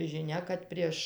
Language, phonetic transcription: Lithuanian, žiˈnia kad ˈprieš

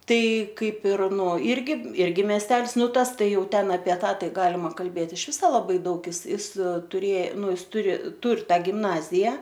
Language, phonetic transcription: Lithuanian, ˈtai ˈkaip ir nuo ˈirgi ˈirgi mesˈtels ˈnu ˈtas ˈtai ˈjau ˈten apie ˈtą ˈtai ˈgalima kalˈbėt iš ˈviso laˈbai ˈdaug ˈis ˈis tuˈrė ˈnu ˈis ˈturi ˈtur ˈtą gimˈnazija

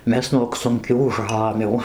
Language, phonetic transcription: Lithuanian, ˈmes nuog sunˈkių ˈžamių

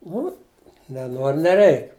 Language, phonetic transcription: Lithuanian, ˈnu neˈnor neˈreik

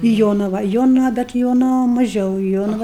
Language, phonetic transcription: Lithuanian, i ˈjonava ˈjonava bet i ˈjonava maˈžiau i ˈjonava

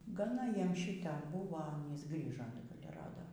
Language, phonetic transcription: Lithuanian, gaˈna ˈjiem ˈšyte ˈbūva ˈanys ˈgrįža ir ˈrado

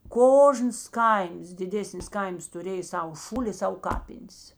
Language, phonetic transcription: Lithuanian, ˈkožnas ˈkaims diˈdėsnis ˈkaims tuˈrėj ˈsau ˈšūli i ˈsau ˈkapin's

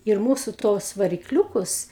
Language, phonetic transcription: Lithuanian, ir ˈmūsu ˈtos varikˈliūkus

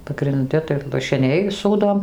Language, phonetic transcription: Lithuanian, pagrinˈdi tai lašiˈniai ˈsūdom

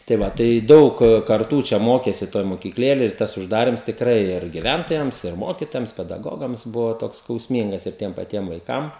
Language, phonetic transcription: Lithuanian, tai ˈva tai ˈdaug karˈtų ˈčia ˈmokėsi ˈtoj mokykˈlėlėj ir ˈtas užˈdarims tikˈrai ir giˈvæntojams ir ˈmokitojams pedaˈgogams ˈbuva ˈtoks skausˈmyngas ir ˈtiem paˈtiem vaiˈkam

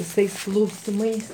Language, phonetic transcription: Lithuanian, viˈsais klausiˈmais

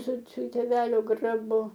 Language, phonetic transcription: Lithuanian, su su tėˈvelio graˈbu

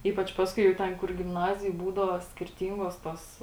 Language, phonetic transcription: Lithuanian, ˈypač ˈpaskui jau ˈten kur gimˈnazijoj ˈbūdavo skirˈtyngos tos

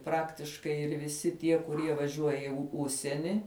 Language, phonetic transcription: Lithuanian, ˈpraktiškai ir viˈsi ˈtie kuˈrie vaˈžiuoja i ˈužsieni

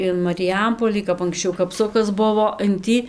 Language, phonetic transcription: Lithuanian, in mariˈjampolį kap anksˈčiau kapˈsukas ˈbuvo in ˈtį

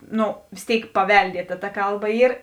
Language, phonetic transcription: Lithuanian, ˈnu vės ˈtėik paˈveldieta ta ˈkalˌba ˈyr

